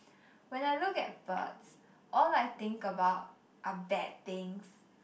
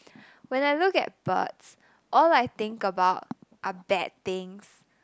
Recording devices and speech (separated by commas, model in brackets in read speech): boundary microphone, close-talking microphone, conversation in the same room